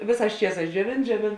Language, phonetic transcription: Lithuanian, ˈvėˌsās ˈčieˌsās džiuoˈvėn džiuoˈvėn

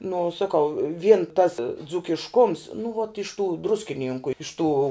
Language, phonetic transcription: Lithuanian, nu saˈkau vien tas dzūkišˈkums nu vot iš tų ˈdruskinynku iš tų

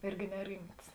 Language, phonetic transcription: Lithuanian, ˈirgi neˈrimts

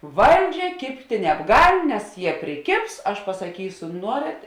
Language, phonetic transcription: Lithuanian, ˈvalˌdžia ˈkibtė nebˈgal' nes jie priˈkėbs aš pasaˈkysu ˈnuorėt

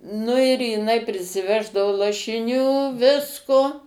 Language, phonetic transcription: Lithuanian, nu ir jiˈnai prisiˈveždavo lašiˈnių ˈvisko

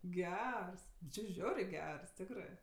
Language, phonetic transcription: Lithuanian, ˈgers nu čė ˈžiaurė ˈgers ˈtikrɜ

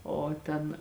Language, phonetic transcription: Lithuanian, ˈo ˈten

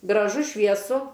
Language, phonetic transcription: Lithuanian, graˈžu švieˈsu

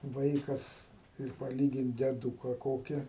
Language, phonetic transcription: Lithuanian, ˈvaikas ir paˈlygint deˈdūka ˈkoki

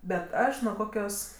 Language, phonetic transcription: Lithuanian, bet ˈaš nuo ˈkokios

